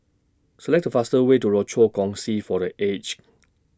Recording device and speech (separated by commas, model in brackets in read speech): standing microphone (AKG C214), read sentence